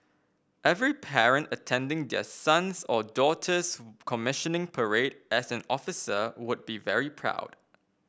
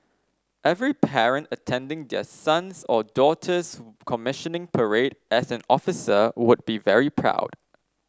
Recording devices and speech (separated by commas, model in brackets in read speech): boundary microphone (BM630), standing microphone (AKG C214), read sentence